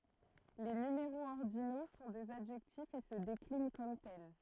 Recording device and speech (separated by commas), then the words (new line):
throat microphone, read sentence
Les numéraux ordinaux sont des adjectifs et se déclinent comme tels.